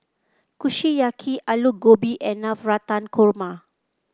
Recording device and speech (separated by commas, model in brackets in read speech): close-talking microphone (WH30), read sentence